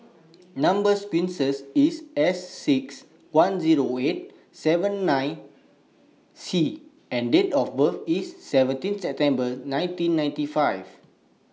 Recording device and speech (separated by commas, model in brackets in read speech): mobile phone (iPhone 6), read sentence